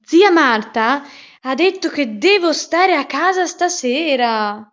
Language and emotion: Italian, surprised